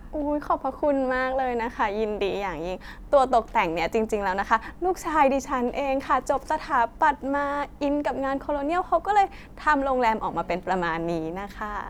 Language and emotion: Thai, happy